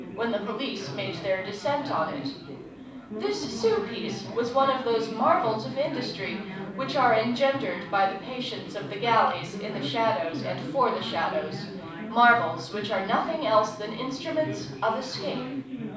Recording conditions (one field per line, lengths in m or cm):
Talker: one person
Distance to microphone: 5.8 m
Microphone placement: far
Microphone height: 1.8 m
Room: medium-sized (5.7 m by 4.0 m)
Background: babble